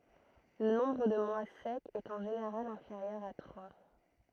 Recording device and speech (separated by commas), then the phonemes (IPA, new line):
throat microphone, read sentence
lə nɔ̃bʁ də mwa sɛkz ɛt ɑ̃ ʒeneʁal ɛ̃feʁjœʁ a tʁwa